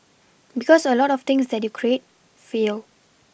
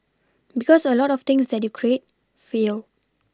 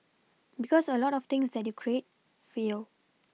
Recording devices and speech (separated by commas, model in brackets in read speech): boundary microphone (BM630), standing microphone (AKG C214), mobile phone (iPhone 6), read sentence